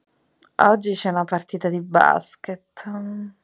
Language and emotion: Italian, disgusted